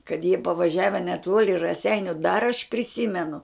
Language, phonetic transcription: Lithuanian, kad jie pavaˈžiave neˈtuoli raˈseiniu dar aš priˈsymenu

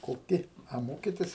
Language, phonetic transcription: Lithuanian, koˈki a ˈmokitis

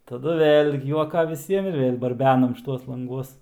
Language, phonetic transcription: Lithuanian, taˈdu ˈvėl' juoˈka viˈsiem ir vėl' barˈbenam šˈituos lanˈguos

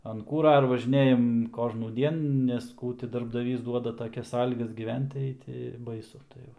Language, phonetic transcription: Lithuanian, an ˈkūra ir važiˈnėjam ˌkožnųˈdien nes ˈkų ti darbdaˈvys ˈduoda taˈkias ˈsąlygas gyˈvent tai ti ˈbaisu tai ˈva

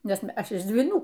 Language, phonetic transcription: Lithuanian, ˈnes ˈaš iš dvyˈnų

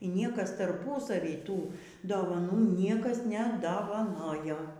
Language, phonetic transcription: Lithuanian, y ˈniekas tarˈpusavy ˈtų dovaˈnų ˈniekas nedavaˈnojo

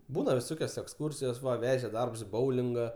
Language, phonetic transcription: Lithuanian, ˈbūna viˈsokios eksˈkursijos ˈva ˈveže ˈdarbs i ˈboulinga

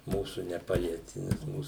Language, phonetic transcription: Lithuanian, ˈmūsu neˈpalieti nes ˈmūs

